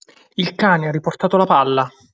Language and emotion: Italian, neutral